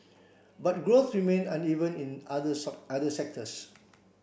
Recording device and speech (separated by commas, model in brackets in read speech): boundary microphone (BM630), read sentence